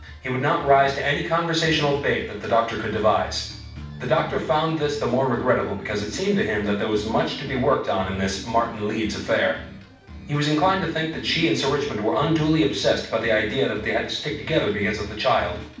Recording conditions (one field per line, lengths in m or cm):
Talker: one person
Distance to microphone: 5.8 m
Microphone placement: far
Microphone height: 1.8 m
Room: medium-sized (5.7 m by 4.0 m)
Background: music